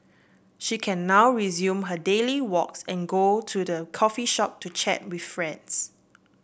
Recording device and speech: boundary microphone (BM630), read sentence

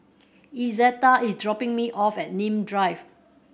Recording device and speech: boundary microphone (BM630), read sentence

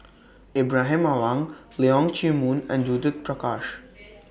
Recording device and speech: boundary microphone (BM630), read sentence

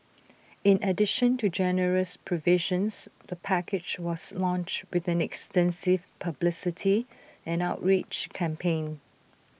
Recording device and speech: boundary microphone (BM630), read sentence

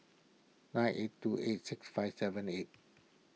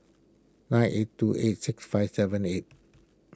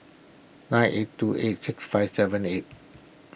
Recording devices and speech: mobile phone (iPhone 6), close-talking microphone (WH20), boundary microphone (BM630), read sentence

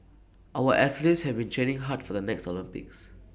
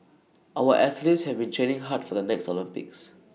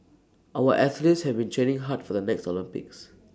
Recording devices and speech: boundary microphone (BM630), mobile phone (iPhone 6), standing microphone (AKG C214), read sentence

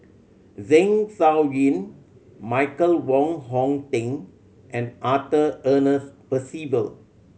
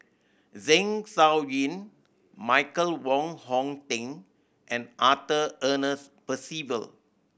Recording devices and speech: mobile phone (Samsung C7100), boundary microphone (BM630), read sentence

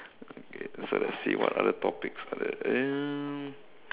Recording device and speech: telephone, conversation in separate rooms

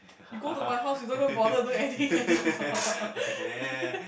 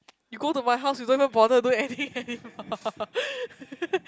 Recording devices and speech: boundary microphone, close-talking microphone, conversation in the same room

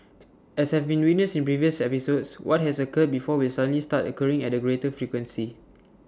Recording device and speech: standing microphone (AKG C214), read sentence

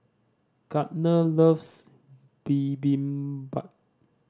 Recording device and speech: standing microphone (AKG C214), read sentence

